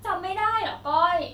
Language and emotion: Thai, frustrated